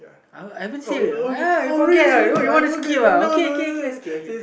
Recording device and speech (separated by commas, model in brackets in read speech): boundary microphone, conversation in the same room